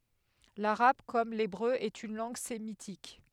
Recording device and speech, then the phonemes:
headset microphone, read sentence
laʁab kɔm lebʁø ɛt yn lɑ̃ɡ semitik

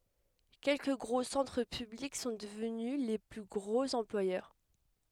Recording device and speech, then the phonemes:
headset microphone, read sentence
kɛlkə ɡʁo sɑ̃tʁ pyblik sɔ̃ dəvny le ply ɡʁoz ɑ̃plwajœʁ

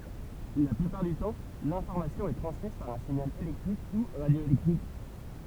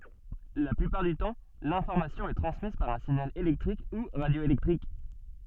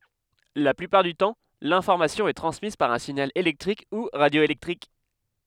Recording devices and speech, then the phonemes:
temple vibration pickup, soft in-ear microphone, headset microphone, read sentence
la plypaʁ dy tɑ̃ lɛ̃fɔʁmasjɔ̃ ɛ tʁɑ̃smiz paʁ œ̃ siɲal elɛktʁik u ʁadjoelɛktʁik

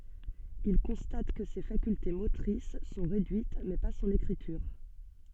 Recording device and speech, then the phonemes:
soft in-ear microphone, read sentence
il kɔ̃stat kə se fakylte motʁis sɔ̃ ʁedyit mɛ pa sɔ̃n ekʁityʁ

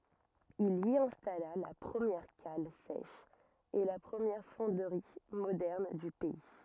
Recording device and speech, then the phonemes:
rigid in-ear microphone, read sentence
il i ɛ̃stala la pʁəmjɛʁ kal sɛʃ e la pʁəmjɛʁ fɔ̃dʁi modɛʁn dy pɛi

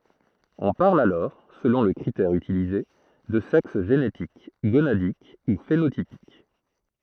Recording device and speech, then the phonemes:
throat microphone, read sentence
ɔ̃ paʁl alɔʁ səlɔ̃ lə kʁitɛʁ ytilize də sɛks ʒenetik ɡonadik u fenotipik

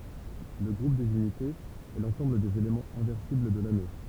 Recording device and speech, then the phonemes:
temple vibration pickup, read sentence
lə ɡʁup dez ynitez ɛ lɑ̃sɑ̃bl dez elemɑ̃z ɛ̃vɛʁsibl də lano

